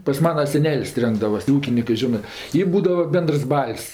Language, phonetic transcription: Lithuanian, pas ˈmana seˈnel's' ˈrenkdavas tė ˈūkinikɜ ˈžinɜ ˈtį ˈbūdava ˈbendərs ˈbal's'

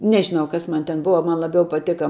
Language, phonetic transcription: Lithuanian, ˈnežinau ˈkas ˈman ten ˈbuva ˈman laˈbiau paˈtėka

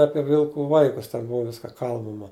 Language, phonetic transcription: Lithuanian, ˈapie ˈvilku ˈvaikus ten ˈbuva ˈviska ˈkalbama

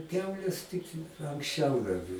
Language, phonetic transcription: Lithuanian, ˈkiaulės tik anksˈčiau dar

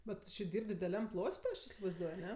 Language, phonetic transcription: Lithuanian, bet ˈtu či ˈdyr'b' dideˈliam ˈplot' ti ˈaš isivaizˈduoj aˈne

